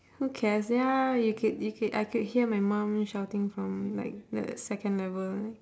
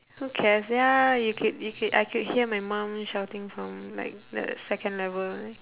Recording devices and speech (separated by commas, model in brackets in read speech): standing microphone, telephone, conversation in separate rooms